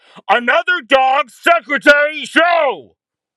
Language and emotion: English, angry